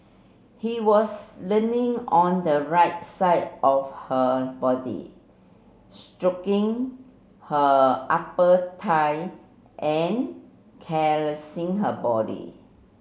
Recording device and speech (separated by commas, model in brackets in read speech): mobile phone (Samsung C7), read sentence